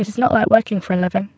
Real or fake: fake